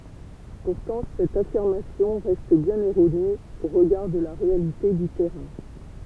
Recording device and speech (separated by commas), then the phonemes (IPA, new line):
temple vibration pickup, read sentence
puʁtɑ̃ sɛt afiʁmasjɔ̃ ʁɛst bjɛ̃n ɛʁone o ʁəɡaʁ də la ʁealite dy tɛʁɛ̃